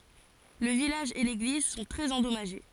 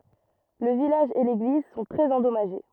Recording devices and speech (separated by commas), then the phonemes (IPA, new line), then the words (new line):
forehead accelerometer, rigid in-ear microphone, read sentence
lə vilaʒ e leɡliz sɔ̃ tʁɛz ɑ̃dɔmaʒe
Le village et l'église sont très endommagés.